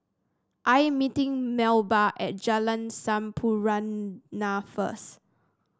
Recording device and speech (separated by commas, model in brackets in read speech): standing microphone (AKG C214), read sentence